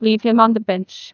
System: TTS, neural waveform model